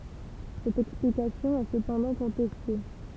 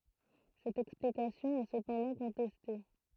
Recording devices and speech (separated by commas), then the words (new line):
temple vibration pickup, throat microphone, read sentence
Cette explication est cependant contestée.